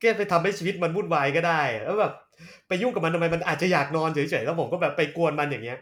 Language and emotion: Thai, frustrated